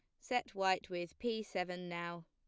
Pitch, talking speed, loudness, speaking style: 180 Hz, 175 wpm, -39 LUFS, plain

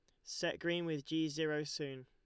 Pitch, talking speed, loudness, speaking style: 155 Hz, 200 wpm, -39 LUFS, Lombard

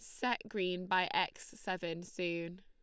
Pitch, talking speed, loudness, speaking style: 185 Hz, 150 wpm, -37 LUFS, Lombard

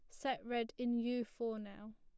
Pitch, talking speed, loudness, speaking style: 235 Hz, 200 wpm, -40 LUFS, plain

